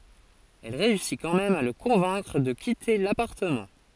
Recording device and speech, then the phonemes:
forehead accelerometer, read sentence
ɛl ʁeysi kɑ̃ mɛm a lə kɔ̃vɛ̃kʁ də kite lapaʁtəmɑ̃

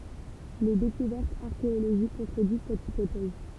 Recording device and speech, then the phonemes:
temple vibration pickup, read sentence
le dekuvɛʁtz aʁkeoloʒik kɔ̃tʁədiz sɛt ipotɛz

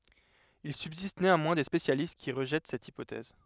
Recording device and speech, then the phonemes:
headset microphone, read sentence
il sybzist neɑ̃mwɛ̃ de spesjalist ki ʁəʒɛt sɛt ipotɛz

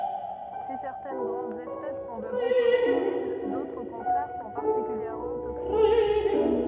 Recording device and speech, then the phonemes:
rigid in-ear microphone, read sentence
si sɛʁtɛn ɡʁɑ̃dz ɛspɛs sɔ̃ də bɔ̃ komɛstibl dotʁz o kɔ̃tʁɛʁ sɔ̃ paʁtikyljɛʁmɑ̃ toksik

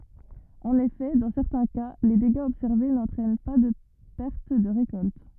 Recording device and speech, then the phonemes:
rigid in-ear microphone, read sentence
ɑ̃n efɛ dɑ̃ sɛʁtɛ̃ ka le deɡaz ɔbsɛʁve nɑ̃tʁɛn paʁ də pɛʁt də ʁekɔlt

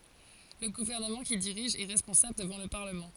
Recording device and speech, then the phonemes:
forehead accelerometer, read sentence
lə ɡuvɛʁnəmɑ̃ kil diʁiʒ ɛ ʁɛspɔ̃sabl dəvɑ̃ lə paʁləmɑ̃

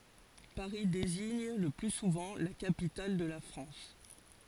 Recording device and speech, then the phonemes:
forehead accelerometer, read sentence
paʁi deziɲ lə ply suvɑ̃ la kapital də la fʁɑ̃s

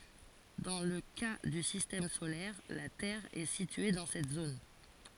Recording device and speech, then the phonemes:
forehead accelerometer, read sentence
dɑ̃ lə ka dy sistɛm solɛʁ la tɛʁ ɛ sitye dɑ̃ sɛt zon

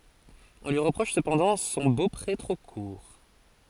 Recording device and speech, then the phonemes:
forehead accelerometer, read sentence
ɔ̃ lyi ʁəpʁɔʃ səpɑ̃dɑ̃ sɔ̃ bopʁe tʁo kuʁ

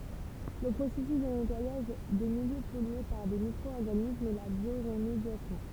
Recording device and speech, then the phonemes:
temple vibration pickup, read sentence
lə pʁosɛsys də nɛtwajaʒ də miljø pɔlye paʁ de mikʁo ɔʁɡanismz ɛ la bjoʁmedjasjɔ̃

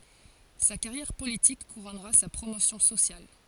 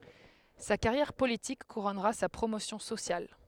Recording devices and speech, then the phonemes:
forehead accelerometer, headset microphone, read sentence
sa kaʁjɛʁ politik kuʁɔnʁa sa pʁomosjɔ̃ sosjal

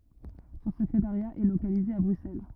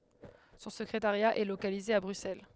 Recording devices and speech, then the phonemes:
rigid in-ear microphone, headset microphone, read sentence
sɔ̃ səkʁetaʁja ɛ lokalize a bʁyksɛl

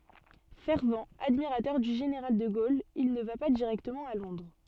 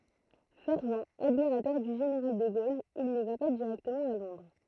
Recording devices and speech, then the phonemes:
soft in-ear microphone, throat microphone, read sentence
fɛʁvt admiʁatœʁ dy ʒeneʁal də ɡol il nə va pa diʁɛktəmɑ̃ a lɔ̃dʁ

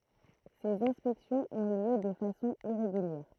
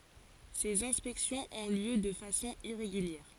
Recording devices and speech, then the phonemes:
throat microphone, forehead accelerometer, read sentence
sez ɛ̃spɛksjɔ̃z ɔ̃ ljø də fasɔ̃ iʁeɡyljɛʁ

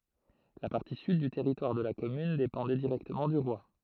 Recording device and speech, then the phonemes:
throat microphone, read sentence
la paʁti syd dy tɛʁitwaʁ də la kɔmyn depɑ̃dɛ diʁɛktəmɑ̃ dy ʁwa

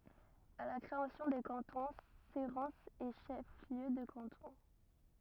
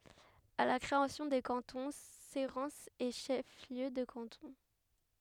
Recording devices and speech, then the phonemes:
rigid in-ear microphone, headset microphone, read sentence
a la kʁeasjɔ̃ de kɑ̃tɔ̃ seʁɑ̃sz ɛ ʃɛf ljø də kɑ̃tɔ̃

